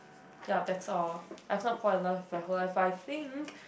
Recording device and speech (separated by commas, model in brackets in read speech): boundary microphone, conversation in the same room